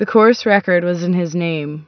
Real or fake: real